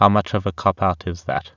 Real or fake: real